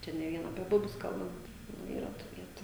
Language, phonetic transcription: Lithuanian, ˈčia ne ˈvien apie ˈbubius ˈkalbant nu ˈyra tų ˈvietu

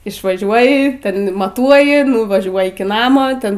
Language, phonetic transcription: Lithuanian, išvaˈžiuoji ˈten maˈtuoji nuvaˈžiuoj iki ˈnamo ˈten

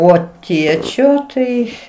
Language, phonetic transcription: Lithuanian, ˈo ˈtiečio ˈtai

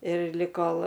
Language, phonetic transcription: Lithuanian, ir lik ˈkol

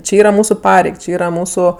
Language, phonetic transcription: Lithuanian, ˈči ˈyra ˈmūsu ˈpareig ˈči ˈyra ˈmūsu

